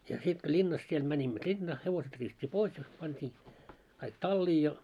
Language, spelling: Finnish, ja sitten kun linnassa siellä menimme linnaan hevoset riisuttiin pois ja pantiin kaikki talliin ja
- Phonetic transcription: ja 'sit ko 'ĺinnas siel 'mäńimmö "ĺinnaa , 'hevoset riisut́t́i "pois ja pant́ii , kaik "tallii ja ,.

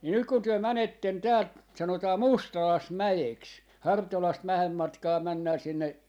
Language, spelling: Finnish, niin nyt kun te menette täältä sanotaan Mustalaismäeksi Hartolasta vähän matkaa mennään sinne
- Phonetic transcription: nii 'nyk kun työ 'mänetten 'täält , 'sanotaa "Mustalaismäjeks , "Hartolast 'vähäm matkaa 'männää sinne , .

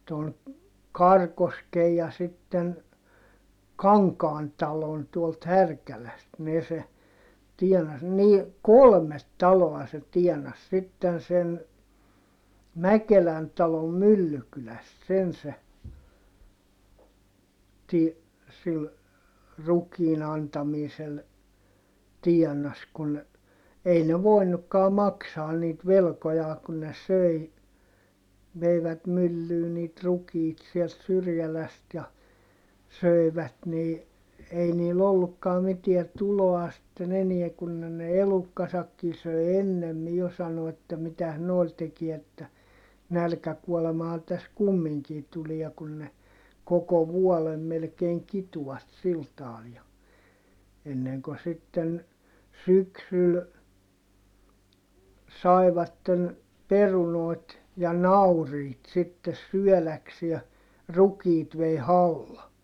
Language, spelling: Finnish, tuon Karikosken ja sitten Kankaan talon tuolta Härkälästä ne se tienasi niin kolme taloa se tienasi sitten sen Mäkelän talon Myllykylästä sen se - sillä rukiin antamisella tienasi kun ei ne voinutkaan maksaa niitä velkojaan kun ne söi veivät myllyyn niitä rukiita sieltä Syrjälästä ja söivät niin ei niillä ollutkaan mitään tuloa sitten enää kun ne ne elukkansakin söi ennemmin jo sanoivat että mitäs noilla teki että nälkäkuolemahan tässä kumminkin tulee kun ne koko vuoden melkein kitua sillä tavalla ja ennen kuin sitten syksyllä saivat perunoita ja nauriita sitten syödäkseen rukiit vei halla
- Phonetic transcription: ton , Karkoskej ja sitten , Kaŋkaan talon tuolt Härkäläst ne se , tiɛnas , nii , kolmet taloa se tiɛnas(.) sitten sen , Mäkelän talom Myllykyläst sen se , ti- , sil , rukiin ‿antamiisel , tiɛnas kun , ei ne voinukkaa maksaan niit velkojaa kun ne söi , veivät myllyy niit rukiit siɛlt Syrjäläst ja , sö̀i̮vät nii , ei niil ‿ollukkaa mitiä tuloa sⁱtten ‿eniɛ kun ne ne elukkasakki söi ennemmi jo - sano₍at ‿että mitäs nòi̮l tekiɛ että , nälkäkuɔlemaha täs kummiŋkii tulia kun ne , koko vuolem melkeeŋ kituʷat sil taal ja , enneŋko sitten , syksyl , sai̮vatten , perunòi̮t ja nauriit sittes syɔ̈̀läksie , rukiit vei halla .

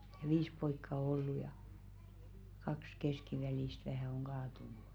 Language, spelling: Finnish, ja viisi poikaa on ollut ja kaksi keskivälistä vähän on kaatunut
- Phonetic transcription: ᴊᴀ "ivis poikka o ollu ja , 'kaks "keskivälìst vähä̀ oŋ 'ɢaatunu .

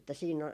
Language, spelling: Finnish, että siinä
- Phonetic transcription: että siin ,.

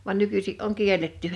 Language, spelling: Finnish, vaan nykyisin on kielletty
- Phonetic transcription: van 'nykysi’ ’oŋ "kiel̀etty .

